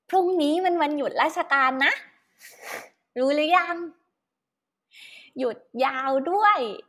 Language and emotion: Thai, happy